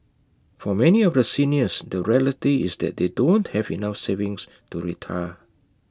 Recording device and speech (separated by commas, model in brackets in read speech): close-talking microphone (WH20), read sentence